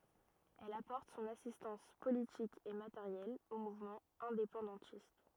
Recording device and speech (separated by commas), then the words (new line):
rigid in-ear microphone, read sentence
Elle apporte son assistance politique et matérielle aux mouvements indépendantistes.